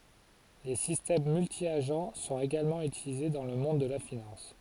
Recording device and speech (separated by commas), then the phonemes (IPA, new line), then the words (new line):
forehead accelerometer, read sentence
le sistɛm myltjaʒ sɔ̃t eɡalmɑ̃ ytilize dɑ̃ lə mɔ̃d də la finɑ̃s
Les systèmes multi-agents sont également utilisés dans le monde de la finance.